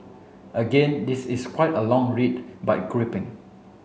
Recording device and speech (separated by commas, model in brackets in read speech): mobile phone (Samsung C7), read sentence